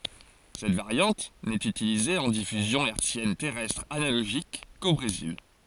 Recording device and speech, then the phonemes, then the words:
forehead accelerometer, read sentence
sɛt vaʁjɑ̃t nɛt ytilize ɑ̃ difyzjɔ̃ ɛʁtsjɛn tɛʁɛstʁ analoʒik ko bʁezil
Cette variante n’est utilisée en diffusion hertzienne terrestre analogique qu’au Brésil.

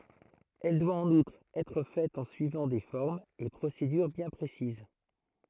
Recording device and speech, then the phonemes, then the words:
throat microphone, read sentence
ɛl dwa ɑ̃n utʁ ɛtʁ fɛt ɑ̃ syivɑ̃ de fɔʁmz e pʁosedyʁ bjɛ̃ pʁesiz
Elle doit, en outre, être faite en suivant des formes et procédures bien précises.

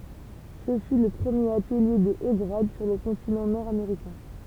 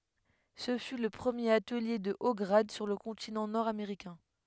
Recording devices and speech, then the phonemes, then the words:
temple vibration pickup, headset microphone, read sentence
sə fy lə pʁəmjeʁ atəlje də o ɡʁad syʁ lə kɔ̃tinɑ̃ nɔʁdameʁikɛ̃
Ce fut le premier atelier de hauts grades sur le continent nord-américain.

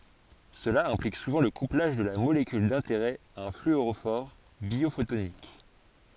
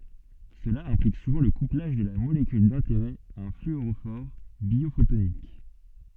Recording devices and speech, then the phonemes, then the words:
forehead accelerometer, soft in-ear microphone, read sentence
səla ɛ̃plik suvɑ̃ lə kuplaʒ də la molekyl dɛ̃teʁɛ a œ̃ flyoʁofɔʁ bjofotonik
Cela implique souvent le couplage de la molécule d'intérêt à un fluorophore biophotonique.

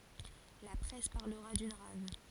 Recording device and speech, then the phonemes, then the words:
forehead accelerometer, read sentence
la pʁɛs paʁləʁa dyn ʁav
La presse parlera d'une rave.

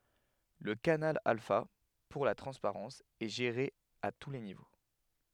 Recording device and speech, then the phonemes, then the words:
headset microphone, read sentence
lə kanal alfa puʁ la tʁɑ̃spaʁɑ̃s ɛ ʒeʁe a tu le nivo
Le canal alpha, pour la transparence, est géré à tous les niveaux.

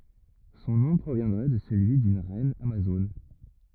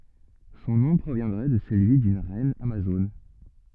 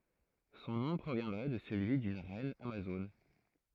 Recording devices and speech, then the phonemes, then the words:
rigid in-ear microphone, soft in-ear microphone, throat microphone, read sentence
sɔ̃ nɔ̃ pʁovjɛ̃dʁɛ də səlyi dyn ʁɛn amazon
Son nom proviendrait de celui d’une reine amazone.

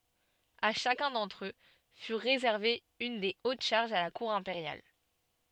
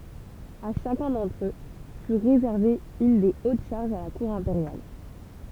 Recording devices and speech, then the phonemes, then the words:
soft in-ear microphone, temple vibration pickup, read sentence
a ʃakœ̃ dɑ̃tʁ ø fy ʁezɛʁve yn de ot ʃaʁʒz a la kuʁ ɛ̃peʁjal
À chacun d'entre eux fut réservée une des hautes charges à la cour impériale.

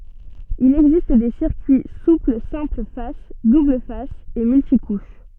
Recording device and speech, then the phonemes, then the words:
soft in-ear microphone, read sentence
il ɛɡzist de siʁkyi supl sɛ̃pl fas dubl fas e myltikuʃ
Il existe des circuits souples simple face, double face et multicouche.

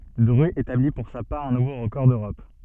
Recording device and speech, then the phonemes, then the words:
soft in-ear microphone, read sentence
dʁy etabli puʁ sa paʁ œ̃ nuvo ʁəkɔʁ døʁɔp
Drut établit pour sa part un nouveau record d'Europe.

